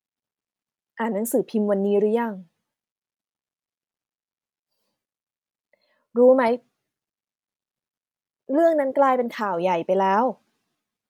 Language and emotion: Thai, frustrated